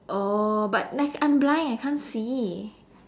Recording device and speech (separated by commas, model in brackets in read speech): standing microphone, conversation in separate rooms